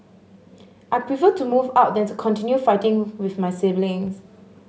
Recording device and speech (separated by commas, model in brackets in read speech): mobile phone (Samsung S8), read sentence